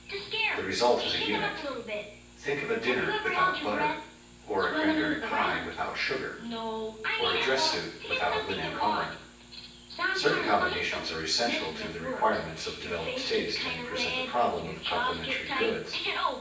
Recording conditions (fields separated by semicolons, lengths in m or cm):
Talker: one person; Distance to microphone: 9.8 m; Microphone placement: far; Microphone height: 1.8 m; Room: large; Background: television